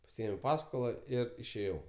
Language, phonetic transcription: Lithuanian, paˈsiėmiau ˈpaskola ˈir išėˈjau

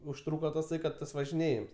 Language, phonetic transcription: Lithuanian, užˈtrūka taˈsai kad ˈtas važiˈnėjims

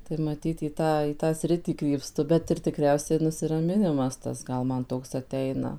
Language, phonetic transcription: Lithuanian, tai maˈtyt į ˈtą į ˈtą ˈsritį krypˈstu bet ir tiˈkriausiai nusiraˈminimas ˈtas ˈgal ˈman ˈtoks aˈteina

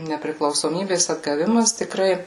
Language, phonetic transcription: Lithuanian, nepriklausoˈmybės atgaˈvimas tiˈkrai

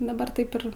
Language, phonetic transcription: Lithuanian, daˈbar ˈtaip ir

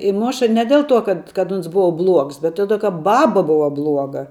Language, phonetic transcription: Lithuanian, i ˈmoša ˈne del ˌtuo ˈkad kad ˈons ˈbuva bluogs bet ˈtodė ka ˈbaba ˈbuva ˈbluoga

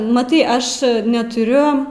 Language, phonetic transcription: Lithuanian, maˈtai ˈaš netuˈriu

